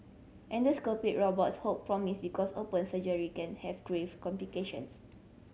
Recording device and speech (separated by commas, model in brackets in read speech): mobile phone (Samsung C7100), read sentence